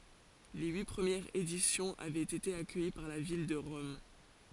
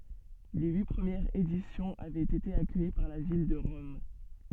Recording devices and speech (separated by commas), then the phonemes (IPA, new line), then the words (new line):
forehead accelerometer, soft in-ear microphone, read sentence
le yi pʁəmjɛʁz edisjɔ̃z avɛt ete akœji paʁ la vil də ʁɔm
Les huit premières éditions avaient été accueillies par la ville de Rome.